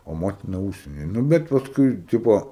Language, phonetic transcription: Lithuanian, o ˈmotina ˈūžsieny ˈnu ˈbet pasˈkui ˈtipo

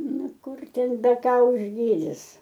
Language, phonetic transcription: Lithuanian, ˈnu ˈkur ˈten beˈka užˈgydis

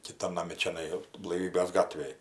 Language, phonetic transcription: Lithuanian, kiˈtan naˈmi čiaˈnai blaiˈvybės ˈgatvėj

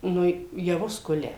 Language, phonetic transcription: Lithuanian, ˈnu jaˈvus ˈkulia

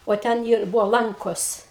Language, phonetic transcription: Lithuanian, o ˈten ir ˈbuvo ˈlankos

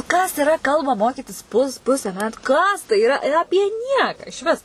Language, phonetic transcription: Lithuanian, kas iˈra ˈkalbą ˈmokytis pus ˈpuse ˈmetu ˈkas tai iˈra ˈapie ˈnieką išˈvis

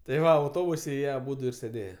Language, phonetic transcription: Lithuanian, tai ˈva auˈtobuse ˈjie aˈbudu ir sėˈdėje

